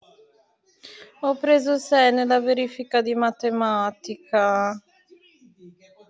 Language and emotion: Italian, sad